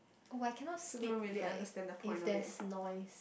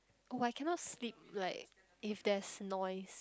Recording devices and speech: boundary microphone, close-talking microphone, conversation in the same room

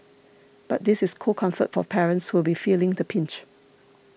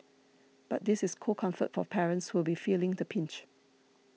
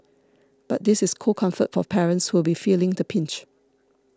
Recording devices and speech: boundary microphone (BM630), mobile phone (iPhone 6), standing microphone (AKG C214), read sentence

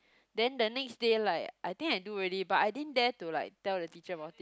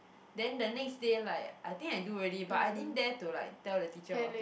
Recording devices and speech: close-talking microphone, boundary microphone, conversation in the same room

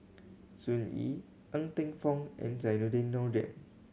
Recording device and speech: mobile phone (Samsung C7100), read sentence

